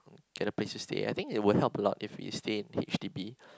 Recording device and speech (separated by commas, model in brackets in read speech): close-talking microphone, conversation in the same room